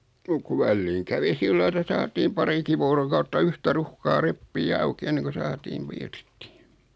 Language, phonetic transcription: Finnish, muk ku 'välliiŋ kävi 'sillai etä 'saatiim 'pariki voorokautta "yhtä "ruhkaa 'reppii "auki 'enneŋku 'saatiin̬ .
- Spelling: mutta kun väliin kävi sillä lailla että saatiin parikin vuorokautta yhtä ruuhkaa repiä auki ennen kuin saatiin

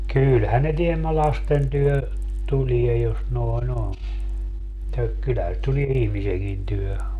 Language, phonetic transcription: Finnish, 'kylhän ne tiemmä 'lasten tyhö , 'tulie jos 'noi̮'n ‿on , [mut]ta , 'kyllähä se 'tulie "ihmiseŋkin tyhö .
- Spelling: kyllähän ne tiemmä lasten tykö tulee jos noin on mutta kyllähän se tulee ihmisenkin tykö

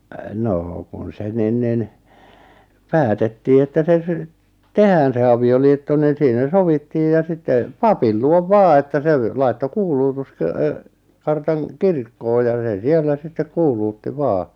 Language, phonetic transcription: Finnish, 'noo kun se nin nin , "päätettii että se ʿˢⁱᵗʾ , "tehään se avi₍oliitto niin̬ 'siinä "sovittiij ja 'sitte , "papil 'luov "vaa että 'se v- 'laitto "kuuluutus- , kö- ö- , 'kartaŋ , "kirkkoo ja 'sè 'siellä sittek 'kuuluutti "vaa .
- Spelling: no kun se niin niin päätettiin että se sitten tehdään se avioliitto niin siinä sovittiin ja sitten papin luo vaan että se - laittoi - - - kuulutuskartan kirkkoon ja se siellä sitten kuulutti vain

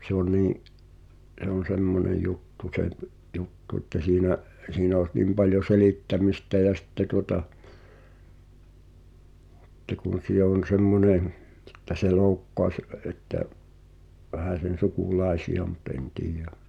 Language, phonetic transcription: Finnish, se ‿o 'nii’ , ’se ‿on̬ "semmone 'juttu se v- , 'juttu että 'siinä’ , 'siinä os "nim paljo 'selittämistä jä 'sⁱtte tuota , ʰ̳ⁱtte kun sie(l) ‿on 'semmonè(m̆) , (e)ttä se 'loukkoaś , ə- ’että , 'vähä̀sen̬ 'suku"lài̬si₍a mut en 'tiijä ,.
- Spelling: se on niin se on semmoinen juttu se - juttu että siinä siinä olisi niin paljon selittämistä ja sitten tuota sitten kun siellä on semmoinen että se loukkaisi - että vähäsen sukulaisia mutta en tiedä

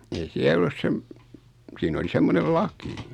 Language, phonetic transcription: Finnish, ei 'siäl ‿ᵒllus 'sem , 'siin ‿oli 'semmonel "laki .
- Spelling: ei siellä ollut sen siinä oli semmoinen laki

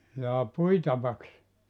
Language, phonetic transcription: Finnish, jaa "puitavaks ?
- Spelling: jaa puitavaksi

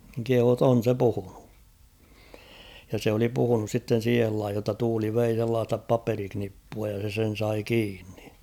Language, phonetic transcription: Finnish, (niŋ) 'kehuu ‿tt ‿'on̬ se 'puhᴜɴᴜ , ja se oli puhunus sitten̬ 'siihel 'laihij jotta 'tuuli 'vei sellaasta "paperiknippua ja se 'sen̬ 'sai "kiinnɪ .
- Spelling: niin kehui että on se puhunut ja se oli puhunut sitten siihen lajiin jotta tuuli vei sellaista paperinippua ja se sen sai kiinni

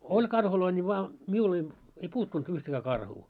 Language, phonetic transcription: Finnish, 'oĺ 'karhuloi ńi vaa , 'miul ‿ei , ei "puuttunt 'yhtäkää 'karhuu .
- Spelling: oli karhuja niin vaan minulla ei ei puuttunut yhtäkään karhua

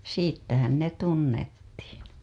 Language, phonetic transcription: Finnish, siittähän ne 'tunnettiiN .
- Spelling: siitähän ne tunnettiin

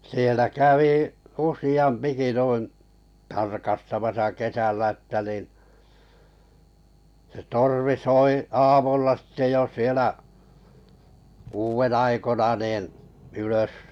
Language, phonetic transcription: Finnish, sielä kävì , "usiʲampiki nuin̬ , 'tarkastamasa 'kesällä ᵊttä nin̬ , se 'torvi 'soi 'aamulla sⁱtte jo 'sielä , kuuven 'aikona nin̬ , 'ylös .
- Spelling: siellä kävi useampikin noin tarkastamassa kesällä että niin se torvi soi aamulla sitten jo siellä kuuden aikoina niin ylös

